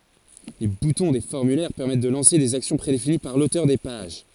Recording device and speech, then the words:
forehead accelerometer, read sentence
Les boutons des formulaires permettent de lancer des actions prédéfinies par l'auteur des pages.

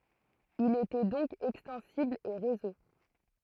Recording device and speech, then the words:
throat microphone, read sentence
Il était donc extensible et réseau.

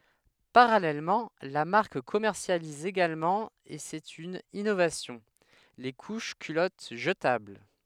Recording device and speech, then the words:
headset microphone, read sentence
Parallèlement, la marque commercialise également et c’est une innovation, les couches culottes jetables.

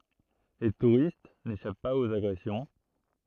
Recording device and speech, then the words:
throat microphone, read sentence
Les touristes n'échappent pas aux agressions.

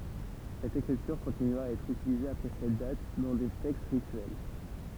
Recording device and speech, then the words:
temple vibration pickup, read sentence
Cette écriture continua à être utilisée après cette date, dans des textes rituels.

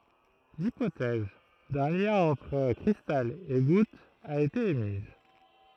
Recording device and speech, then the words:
throat microphone, read sentence
L'hypothèse d'un lien entre cristal et goutte a été émise.

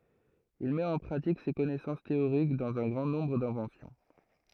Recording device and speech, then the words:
throat microphone, read sentence
Il met en pratique ses connaissances théoriques dans un grand nombre d'inventions.

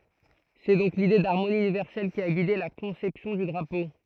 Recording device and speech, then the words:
throat microphone, read sentence
C'est donc l'idée d'harmonie universelle qui a guidé la conception du drapeau.

